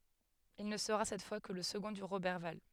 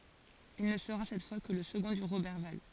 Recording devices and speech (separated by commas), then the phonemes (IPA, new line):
headset microphone, forehead accelerometer, read sentence
il nə səʁa sɛt fwa kə lə səɡɔ̃ də ʁobɛʁval